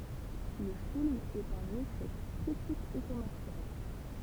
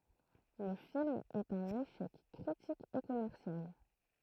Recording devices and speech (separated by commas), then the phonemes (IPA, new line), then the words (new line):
temple vibration pickup, throat microphone, read sentence
lə film ɛt œ̃n eʃɛk kʁitik e kɔmɛʁsjal
Le film est un échec critique et commercial.